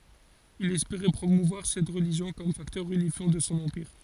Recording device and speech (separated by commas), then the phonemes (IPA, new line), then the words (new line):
forehead accelerometer, read sentence
il ɛspeʁɛ pʁomuvwaʁ sɛt ʁəliʒjɔ̃ kɔm faktœʁ ynifjɑ̃ də sɔ̃ ɑ̃piʁ
Il espérait promouvoir cette religion comme facteur unifiant de son empire.